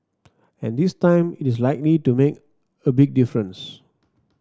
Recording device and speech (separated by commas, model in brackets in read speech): standing microphone (AKG C214), read sentence